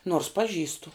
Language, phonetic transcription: Lithuanian, nors paˈžįstu

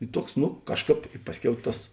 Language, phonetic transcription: Lithuanian, i ˈtuoks nu ˈkažˌkāp ˈpasˌkiau ˈtas

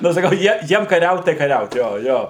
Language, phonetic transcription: Lithuanian, nu saˈkau ˈjie ˈjiem kaˈriaut tai kaˈriaut ˈjo ˈjo

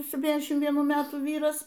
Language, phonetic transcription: Lithuanian, sepˈtyniasdešim vieˈnų ˈmetų ˈvyras

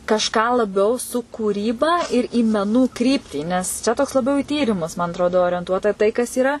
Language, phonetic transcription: Lithuanian, kažˈką laˈbiau su kūˈryba ir į meˈnų ˈkryptį nes ˈčia toks laˈbiau i ˈtyrimus man atˈrodo orienˈtuota tai kas yˈra

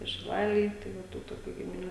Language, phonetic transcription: Lithuanian, ir šiˈlalėj tai ˈva ˈtų toˈkių gimiˈnių

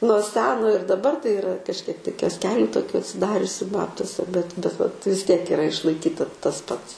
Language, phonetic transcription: Lithuanian, nuo ˈseno ir daˈbar tai iˈra kažˈkiek tai kiosˈkeliu toˈkiu atsiˈdariusiu ˈbabtuose bet bet vat vis ˈtiek iˈra išlaiˈkyta tas ˈpats

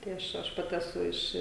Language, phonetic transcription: Lithuanian, tai ˈaš ˈaš ˈpati eˈsu ˈiš

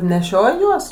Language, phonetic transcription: Lithuanian, neˈšioj ˈjuos

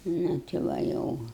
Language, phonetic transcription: Lithuanian, ˈnu ti ˈva ˈjau

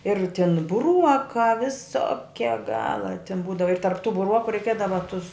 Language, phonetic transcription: Lithuanian, ir tin buˈruokā viˈsokia ˈgala tin ˈbūdava ir tarp tu buˈruoku reiˈkiedava tus

